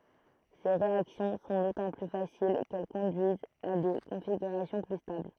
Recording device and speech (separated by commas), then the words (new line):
throat microphone, read sentence
Ces réactions sont d'autant plus faciles qu'elles conduisent à des configurations plus stables.